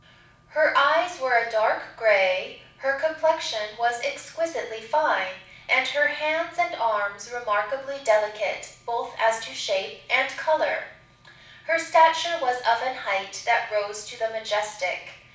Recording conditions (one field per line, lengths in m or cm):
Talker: one person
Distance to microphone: 5.8 m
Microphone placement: far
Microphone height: 1.8 m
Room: medium-sized (5.7 m by 4.0 m)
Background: none